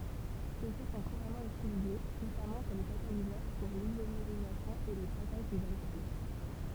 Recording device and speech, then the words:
temple vibration pickup, read sentence
Ceux-ci sont couramment utilisés, notamment comme catalyseurs pour l’isomérisation et le craquage des alcanes.

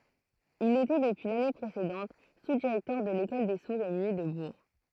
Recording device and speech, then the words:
throat microphone, read sentence
Il était depuis l'année précédente sous-directeur de l'école des sourds et muets de Bourg.

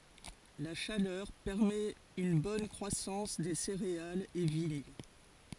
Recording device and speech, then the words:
forehead accelerometer, read sentence
La chaleur permet une bonne croissance des céréales et vignes.

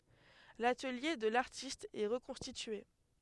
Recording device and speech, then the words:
headset microphone, read sentence
L'atelier de l'artiste est reconstitué.

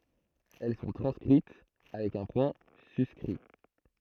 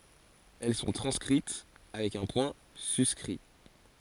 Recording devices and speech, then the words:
throat microphone, forehead accelerometer, read sentence
Elles sont transcrites avec un point suscrit.

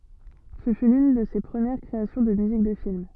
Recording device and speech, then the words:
soft in-ear microphone, read sentence
Ce fut l'une de ses premieres créations de musique de film.

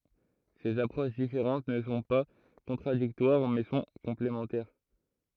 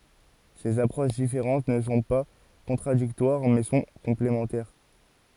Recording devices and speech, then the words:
throat microphone, forehead accelerometer, read sentence
Ces approches différentes ne sont pas contradictoires, mais sont complémentaires.

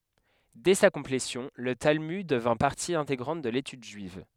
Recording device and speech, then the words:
headset microphone, read sentence
Dès sa complétion, le Talmud devint partie intégrante de l'étude juive.

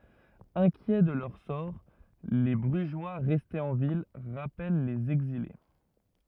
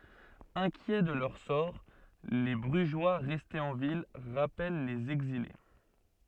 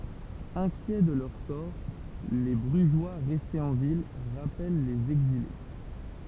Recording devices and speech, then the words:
rigid in-ear microphone, soft in-ear microphone, temple vibration pickup, read sentence
Inquiets de leur sort, les Brugeois restés en ville rappellent les exilés.

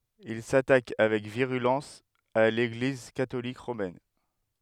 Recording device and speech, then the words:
headset microphone, read sentence
Il s'attaque avec virulence à l'Église catholique romaine.

